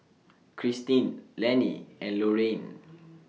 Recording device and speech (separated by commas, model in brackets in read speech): mobile phone (iPhone 6), read sentence